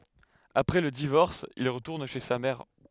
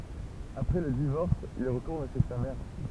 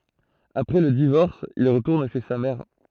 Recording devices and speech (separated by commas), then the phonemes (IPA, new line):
headset microphone, temple vibration pickup, throat microphone, read sentence
apʁɛ lə divɔʁs il ʁətuʁn ʃe sa mɛʁ